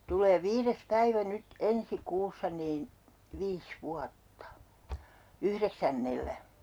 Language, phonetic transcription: Finnish, tul̆lee 'viires 'päivä 'nyt "ensi "kuussa niin , viis "vuatta , 'yhreksännellä .
- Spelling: tulee viides päivä nyt ensi kuussa niin viisi vuotta yhdeksännellä

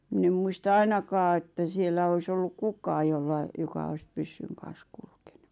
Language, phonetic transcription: Finnish, 'mⁱn ‿em muista "ainakaa että 'siel̆lä ois ‿olluk "kukaa jolla , joka ois 'pyssyŋ kan̬s kulkᴇɴᴜ .
- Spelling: minä en muista ainakaan että siellä olisi ollut kukaan jolla joka olisi pyssyn kanssa kulkenut

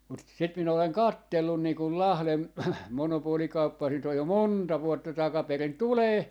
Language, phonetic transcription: Finnish, mut 'sit 'minä oleŋ "kattellun 'nii kul "Lahlem 'monopoolikauppaa siit ‿oj jo "monta "vuotta 'takaperin "tulee ,.
- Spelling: mutta sitä minä olen katsellut niin kuin Lahden monopolikauppaa siitä on jo monta vuotta takaperin tulee

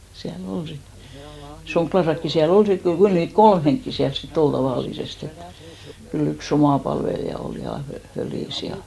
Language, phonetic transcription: Finnish, siä'l ‿ol sit , 'Soŋɢlasakki 'siä"l ‿ol sit , 'kyl niit "kolm heŋkki 'siäls sit't ‿ol 'tavàllisest ‿et , ky'l ‿yk"s ‿omà palvelija 'ol 'ja , fö- , 'fölìs 'ja .
- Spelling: siellä oli sitten Sonkiassakin siellä oli sitten kyllä niitä kolme henkeä siellä sitten oli tavallisesti että kyllä yksi oma palvelija oli ja - fölissä ja

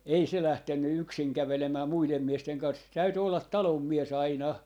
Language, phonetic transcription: Finnish, 'ei se 'lähtenny "yksiŋ 'kävelemää 'muilem 'miesteŋ kans , se 'täyty 'ollat "talom "mies "aina .
- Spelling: ei se lähtenyt yksin kävelemään muiden miesten kanssa se täytyi olla talon mies aina

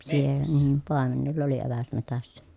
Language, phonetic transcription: Finnish, siee- nii , pàemenella oli eväs metässä .
- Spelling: - niin paimenella oli eväs metsässä

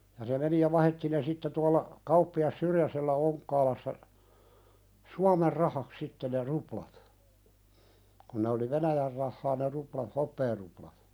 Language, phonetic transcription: Finnish, ja se meni ja 'vahetti ne 'sitte tualla , "kauppi₍as 'Syrjäsellä 'Oŋkkaalassa , "Suamer 'rahak "sitte ne 'ruplat , kuⁿ ne oli "Venäjär rahhaa ne rupla- 'hoppeeruplat .
- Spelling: ja se meni ja vaihdettiin ne sitten tuolla kauppias Syrjäsellä Onkaassa Suomen rahaksi sitten ne ruplat kun ne oli Venäjän rahaa ne ruplat hopearuplat

